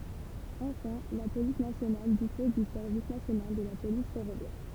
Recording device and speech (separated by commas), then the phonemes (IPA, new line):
temple vibration pickup, read sentence
ɑ̃fɛ̃ la polis nasjonal dispɔz dy sɛʁvis nasjonal də la polis fɛʁovjɛʁ